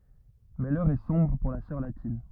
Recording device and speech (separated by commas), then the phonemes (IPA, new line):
rigid in-ear microphone, read sentence
mɛ lœʁ ɛ sɔ̃bʁ puʁ la sœʁ latin